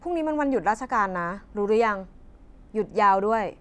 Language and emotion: Thai, frustrated